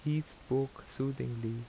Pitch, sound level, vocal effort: 135 Hz, 78 dB SPL, soft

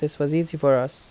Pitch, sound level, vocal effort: 145 Hz, 82 dB SPL, normal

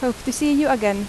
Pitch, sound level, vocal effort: 255 Hz, 83 dB SPL, normal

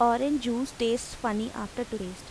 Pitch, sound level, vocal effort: 235 Hz, 86 dB SPL, normal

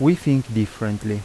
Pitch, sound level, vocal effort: 110 Hz, 82 dB SPL, normal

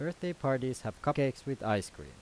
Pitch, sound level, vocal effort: 130 Hz, 87 dB SPL, normal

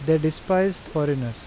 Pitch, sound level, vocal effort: 155 Hz, 85 dB SPL, normal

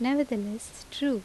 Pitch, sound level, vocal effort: 250 Hz, 80 dB SPL, normal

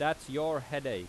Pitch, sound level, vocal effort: 150 Hz, 93 dB SPL, very loud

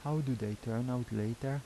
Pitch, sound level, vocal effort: 125 Hz, 80 dB SPL, soft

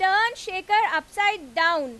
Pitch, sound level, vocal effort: 385 Hz, 99 dB SPL, very loud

